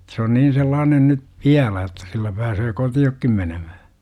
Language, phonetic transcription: Finnish, Et se on 'niin̬ 'sellaanen ny , viälä että 'sillä pääsöö "koti₍okkim 'menemähä « .
- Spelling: Että se on niin sellainen nyt vielä että sillä pääsee kotiinkin menemään

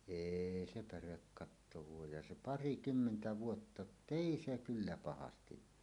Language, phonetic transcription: Finnish, êi 'se 'pärekkatto vuojaj ja "se "parikymmentä 'vuotta jot"t ‿èi se 'kyllä 'pahastiv vuo .
- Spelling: ei se pärekatto vuoda ja se parikymmentä vuotta jotta ei se kyllä pahasti vuoda

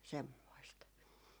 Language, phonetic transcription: Finnish, 'semmoist .
- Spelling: semmoista

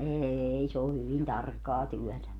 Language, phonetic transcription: Finnish, 'eei se o hyvin "tarkkaa 'tyɔ̈̀tä .
- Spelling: ei se on hyvin tarkkaa työtä

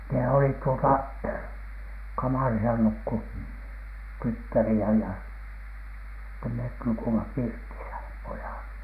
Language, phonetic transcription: Finnish, ne olit tuota , 'kamàrisa nukku , "tyttäri₍ä ja , sittem "met nukuima 'pirtisä , "pojàt .
- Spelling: ne olivat tuota kamarissa nukkui tyttäriä ja sitten me nukuimme pirtissä pojat

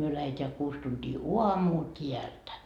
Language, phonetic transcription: Finnish, myö läheteä 'kuus tuntii "uamuu "t́iältä .
- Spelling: me lähdetään kuusi tuntia aamua täältä

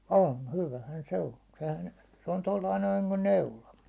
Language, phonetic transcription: Finnish, on , "hyvähän 'se 'on̬ , sehän , 'se on 'tollai noin̬ 'niŋkun "neula .
- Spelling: on hyvähän se on sehän se on tuolla lailla noin niin kuin neula

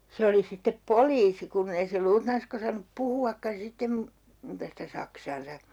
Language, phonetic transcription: Finnish, 'se oli sittep "poliisi 'kunn ‿ei se 'luutnanskᵃ ‿osannup 'puhu₍akkan̬ sittem mu- , 'muuta sitä "saksaansa .
- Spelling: se oli sitten poliisi kun ei se luutnanska osannut puhuakaan sitten - muuta sitä saksaansa

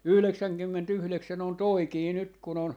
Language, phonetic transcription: Finnish, 'yhleksäŋ - kymmen'tyhleksän ‿on "toikii 'nyt kun ‿on , .
- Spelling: yhdeksänkymmentäyhdeksän on toikin nyt kun on

